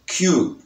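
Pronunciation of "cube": In 'cube', the b at the end is very soft.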